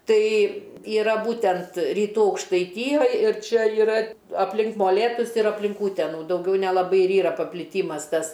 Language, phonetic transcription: Lithuanian, ˈtai yˈra ˈbūtent ryˈtų aukštaiˈtyjoj ir ˈčia yˈra apˈlink moˈlėtus ir apˈlink ˈūtenų dauˈgiau nelaˈbai ir ˈyra papliˈtymas ˈtas

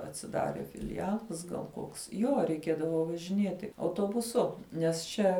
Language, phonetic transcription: Lithuanian, atsiˈdarė filiˈjalas gal ˈkoks jo reiˈkėdavo važiˈnieti autuobuˈsu nes ˈčia

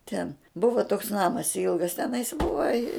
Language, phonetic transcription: Lithuanian, ten ˈbuva toks ˈnamas ˈilgas teˈnais ˈbuva i

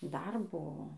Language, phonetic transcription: Lithuanian, dar ˈbuvo

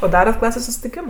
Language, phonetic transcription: Lithuanian, o ˈdarat ˈklasės sustiˈkims

